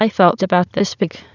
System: TTS, waveform concatenation